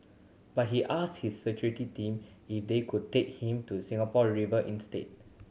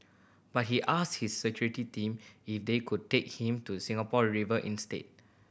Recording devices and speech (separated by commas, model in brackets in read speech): mobile phone (Samsung C7100), boundary microphone (BM630), read sentence